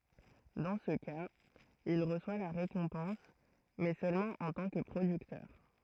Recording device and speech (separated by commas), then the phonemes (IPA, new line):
throat microphone, read sentence
dɑ̃ sə kaz il ʁəswa la ʁekɔ̃pɑ̃s mɛ sølmɑ̃ ɑ̃ tɑ̃ kə pʁodyktœʁ